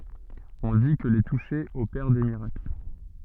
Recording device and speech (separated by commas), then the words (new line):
soft in-ear microphone, read sentence
On dit que les toucher opère des miracles.